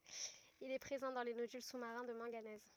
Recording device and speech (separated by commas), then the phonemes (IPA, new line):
rigid in-ear microphone, read sentence
il ɛ pʁezɑ̃ dɑ̃ le nodyl su maʁɛ̃ də mɑ̃ɡanɛz